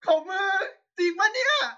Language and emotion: Thai, happy